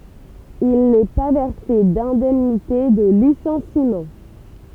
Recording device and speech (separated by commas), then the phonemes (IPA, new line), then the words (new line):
temple vibration pickup, read sentence
il nɛ pa vɛʁse dɛ̃dɛmnite də lisɑ̃simɑ̃
Il n'est pas versé d'indemnité de licenciement.